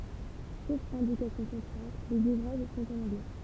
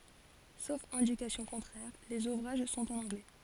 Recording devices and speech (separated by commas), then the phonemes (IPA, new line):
temple vibration pickup, forehead accelerometer, read sentence
sof ɛ̃dikasjɔ̃ kɔ̃tʁɛʁ lez uvʁaʒ sɔ̃t ɑ̃n ɑ̃ɡlɛ